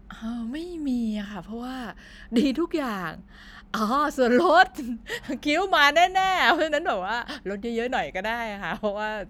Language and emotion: Thai, happy